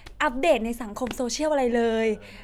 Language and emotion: Thai, happy